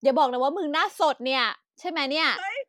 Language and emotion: Thai, happy